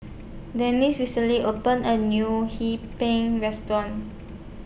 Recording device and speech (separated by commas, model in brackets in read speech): boundary microphone (BM630), read sentence